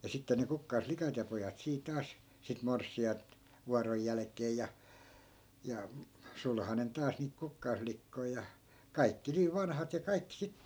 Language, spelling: Finnish, ja sitten ne kukkaslikat ja pojat siinä taas sitten morsianta vuoron jälkeen ja ja sulhanen taas niitä kukkaslikkoja ja kaikki niin vanhat ja kaikki sitten
- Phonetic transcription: ja 'sitte ne 'kukkais"flikat ja pojat sii 'taas , sit 'mors̆si₍ai̮nt , 'vuaroj jälᵃ̈k̀eej ja , ja , 'sulhanen 'taas niit 'kukkais'flikkoi̮ ja , kaikki 'niiv "vanhat ja 'kaikkⁱ sittE .

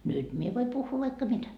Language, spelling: Finnish, nyt minä voin puhua vaikka mitä
- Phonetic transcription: 'nyt mie voi 'puhhuu vaikka "mitä .

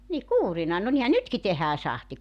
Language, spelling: Finnish, niin kuurina no niinhän nytkin tehdään sahti
- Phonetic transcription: ni "kuurina no nihä "nytki tehää 'sahti .

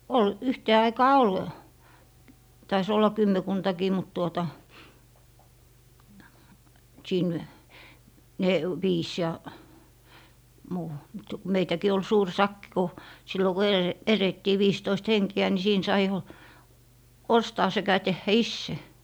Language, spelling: Finnish, oli yhteen aikaan oli taisi olla kymmenkuntakin mutta tuota siinä - viisi ja muu mutta kun meitäkin oli suuri sakki kun silloin kun - elettiin viisitoista henkeä niin siinä sai jo ostaa sekä tehdä itse
- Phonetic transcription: 'ol , 'yhtee 'aikaa "ol , tai's ‿olla 'kymmekuntakii mut tuota , 'siin , ne- , 'viis ja , muu , mutta ku 'meitäkii ol 'suur "sakki ku , sillo ku ele - 'erettii 'viistoist "heŋki₍ä ni 'siin sai jo , ostaa sekä 'tehhä "isse .

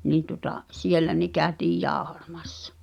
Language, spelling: Finnish, niin tuota siellä ne käytiin - jauhamassa
- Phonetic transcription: 'nii tuᵒta , "siellä ne kä̀ötiij 'jàohᴀ(ʟᴀ) ᴍᴀssᴀ .

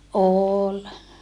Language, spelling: Finnish, oli
- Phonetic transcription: òl .

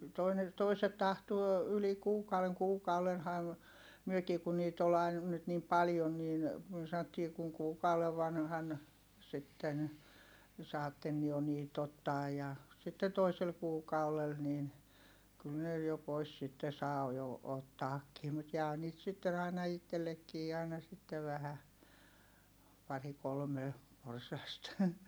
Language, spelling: Finnish, toinen toiset tahtoo yli kuukauden kuukaudenhan mekin kun niitä oli aina nyt niin paljon niin me sanottiin kun kuukauden vanhana sitten saatte jo niitä ottaa ja sitten toisella kuukaudella niin kyllä ne jo pois sitten saa jo ottaakin mutta jää niitä sitten aina itsellekin aina sitten vähän pari kolme porsasta
- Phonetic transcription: toine , toiset tahtuo , yli kuukauʷeŋ - kuukaulenham , myökii kun niit ‿ol ‿ain , nyt niim paljon niin , myö saⁿottii kuŋ kuukauʷev vanhan , sitten , saatten jo niit ‿ottaaj ja , sitte toisel kuukaulel niin , kyl ne jo pois sitte saa jo ottaakkii mut jää niit sitten ‿aina ittellekkii àina sittev vähä , pari kolme , porsast .

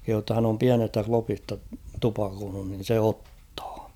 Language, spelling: Finnish, kehui jotta hän on pienestä klopista tupakoinut niin se ottaa
- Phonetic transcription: kehuu ‿tta hän ‿om 'piänestä 'klopista 'tupakoonun nin̬ 'se "ottᴀᴀ .

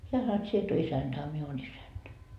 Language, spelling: Finnish, hän sanoi et sinä et ole isäntä a minä olen isäntä
- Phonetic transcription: heä sano et » 'sie et o 'isänDa a 'mie oon 'isänDä » .

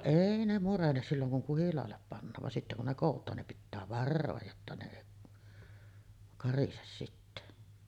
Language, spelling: Finnish, ei ne murene silloin kun kuhilaalle pannaan vaan sitten kun ne kootaan niin pitää varoa jotta ne ei karise sitten
- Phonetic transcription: 'èi ne 'murenes silloŋ kuŋ 'kuhilaallep pannaav van 'sitte kun ne 'kòut̀aan nim pittää "varrooj jotta ne èi , 'karises sitte .

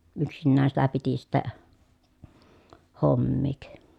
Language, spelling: Finnish, yksinään sitä piti sitten hommia
- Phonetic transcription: yksinnään sitä piti sittä , hommiik .

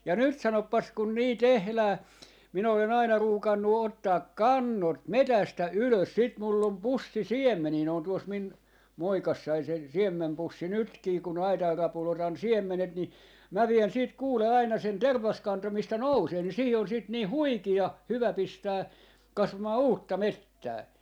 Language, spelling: Finnish, ja nyt sanopas kun niin tehdään minä olen aina ruukannut ottaa kannot metsästä ylös sitten minulla on pussi siemeniä ne on tuossa minun muovikassissani se siemenpussi nytkin kun aitan rapulla otan siemenet niin minä vien sitten kuule aina sen tervaskanto mistä nousee niin siihen on sitten niin huikean hyvä pistää kasvamaan uutta metsää
- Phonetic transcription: ja 'nyt 'sanoppas kun nii "tehlää , 'min ‿ole'n ‿aina 'ruukannu 'ottaa "kannot "metästä "ylös sit mul'l ‿om 'pussi "siemmenii ne on 'tuos min , ('muovikassai) se , 'siemmempussi "nytkii kun 'aitar 'rapul otan "siemmenet ni , 'mä vien sit 'kuule 'aina sen "tervaskanto mistä "nousee ni siihi os siit nii "huikiah "hyvä "pistää , 'kasvamaa "uutta "mettää .

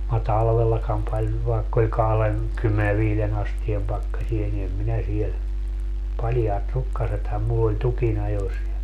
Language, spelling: Finnish, minä talvellakaan paljon vaikka oli - - kahdenkymmenenviiden asteen pakkasia niin en minä siellä paljaat rukkasethan minulla oli tukinajossa ja
- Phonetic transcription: ma 'talvellakam paĺ , vaekk ‿oĺ 'kahlen- , -kymmene 'viilen ‿astiem 'pakkasie ni em 'minä siel , 'paljaat "rukkasetham mull ‿oĺ 'tukinajos ja ,.

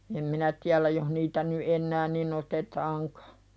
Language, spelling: Finnish, en minä tiedä jos niitä nyt enää niin otetaankaan
- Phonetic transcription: em "minä tiälä joh niitä ny "’ennää ni'n ‿otetaaŋkᴀ .

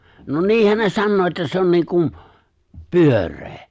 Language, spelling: Finnish, no niinhän ne sanoo että se on niin kuin pyöreä
- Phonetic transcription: no 'niihän ne "sannoo että 'se on 'niiŋkum , "pyör̆ree !

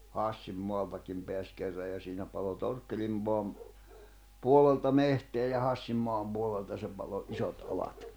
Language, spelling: Finnish, Hassin maallakin pääsi kerran ja siinä paloi Torkkelin maan puolelta metsää ja Hassin maan puolelta se paloi isot alat
- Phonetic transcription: 'Hàssim moallakim peäs 'kerraj ja siinä palo "Torkkelim moam , 'puol̆lelta 'mehteä ja 'Hassim moam puol̆lelta se palo '’isot alat .

